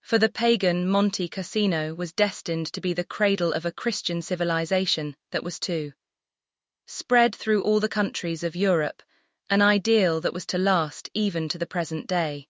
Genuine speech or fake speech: fake